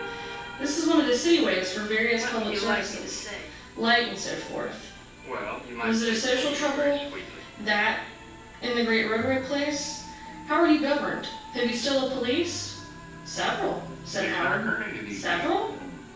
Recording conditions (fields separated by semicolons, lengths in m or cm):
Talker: one person; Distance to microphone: 9.8 m; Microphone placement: far; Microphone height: 1.8 m; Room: large; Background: television